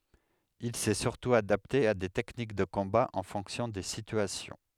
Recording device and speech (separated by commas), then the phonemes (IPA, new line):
headset microphone, read sentence
il sɛ syʁtu adapte a de tɛknik də kɔ̃ba ɑ̃ fɔ̃ksjɔ̃ de sityasjɔ̃